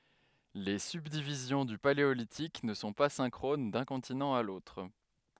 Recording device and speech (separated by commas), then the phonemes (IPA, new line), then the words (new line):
headset microphone, read sentence
le sybdivizjɔ̃ dy paleolitik nə sɔ̃ pa sɛ̃kʁon dœ̃ kɔ̃tinɑ̃ a lotʁ
Les subdivisions du Paléolithique ne sont pas synchrones d'un continent à l'autre.